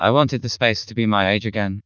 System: TTS, vocoder